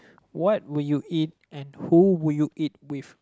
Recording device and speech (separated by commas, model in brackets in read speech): close-talking microphone, conversation in the same room